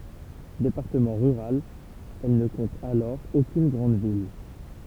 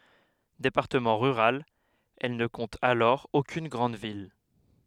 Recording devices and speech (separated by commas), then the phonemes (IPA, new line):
temple vibration pickup, headset microphone, read sentence
depaʁtəmɑ̃ ʁyʁal ɛl nə kɔ̃t alɔʁ okyn ɡʁɑ̃d vil